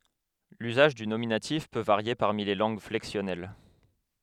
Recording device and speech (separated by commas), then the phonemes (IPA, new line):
headset microphone, read sentence
lyzaʒ dy nominatif pø vaʁje paʁmi le lɑ̃ɡ flɛksjɔnɛl